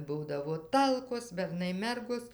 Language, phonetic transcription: Lithuanian, ˈbūdavo ˈtalkos berˈnai ˈmergos

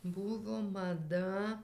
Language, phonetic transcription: Lithuanian, ˈbūvo maˈda

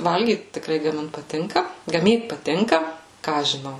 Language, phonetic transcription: Lithuanian, ˈvalgyt tikˈrai gaˈmint paˈtinka gaˈmyt paˈtinka ˈką aš žiˈnau

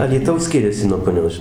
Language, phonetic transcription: Lithuanian, alyˈtaus ˈskiriasi nuo puˈnios ži

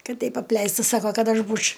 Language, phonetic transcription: Lithuanian, ˈkad ˈteip apˈleista ˈsako ˈkad ˈaš ˈbūč'

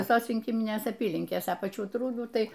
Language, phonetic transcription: Lithuanian, viˈsos rinˈkiminės aˈpylinkės a paˈčių ˈtrūdų ˈtai

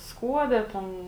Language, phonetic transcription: Lithuanian, ˈskuode ˈten

